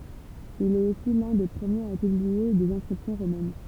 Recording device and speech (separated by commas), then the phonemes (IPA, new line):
temple vibration pickup, read sentence
il ɛt osi lœ̃ de pʁəmjez a pyblie dez ɛ̃skʁipsjɔ̃ ʁomɛn